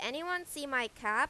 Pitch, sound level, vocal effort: 275 Hz, 94 dB SPL, loud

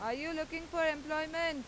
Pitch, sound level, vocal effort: 315 Hz, 95 dB SPL, very loud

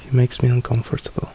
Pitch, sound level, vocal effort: 125 Hz, 68 dB SPL, soft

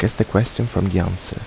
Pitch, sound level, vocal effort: 100 Hz, 76 dB SPL, soft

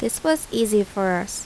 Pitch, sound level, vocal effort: 210 Hz, 81 dB SPL, normal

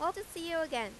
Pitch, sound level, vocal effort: 335 Hz, 94 dB SPL, loud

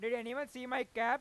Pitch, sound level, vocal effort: 250 Hz, 106 dB SPL, very loud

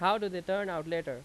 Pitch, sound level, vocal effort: 185 Hz, 92 dB SPL, very loud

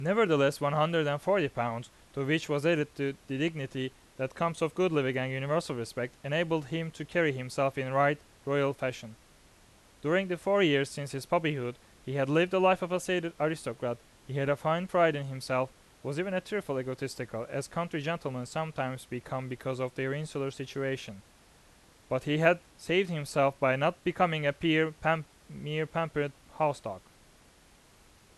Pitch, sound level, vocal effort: 145 Hz, 90 dB SPL, loud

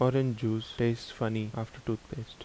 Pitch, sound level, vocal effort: 115 Hz, 77 dB SPL, soft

